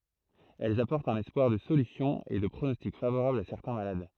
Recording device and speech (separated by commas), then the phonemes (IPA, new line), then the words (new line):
throat microphone, read sentence
ɛlz apɔʁtt œ̃n ɛspwaʁ də solysjɔ̃ e də pʁonɔstik favoʁabl a sɛʁtɛ̃ malad
Elles apportent un espoir de solution et de pronostic favorable à certains malades.